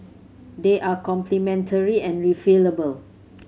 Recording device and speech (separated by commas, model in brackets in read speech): mobile phone (Samsung C7100), read sentence